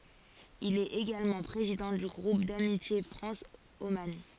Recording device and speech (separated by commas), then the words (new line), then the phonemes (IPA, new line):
forehead accelerometer, read sentence
Il est également président du groupe d'amitié France - Oman.
il ɛt eɡalmɑ̃ pʁezidɑ̃ dy ɡʁup damitje fʁɑ̃s oman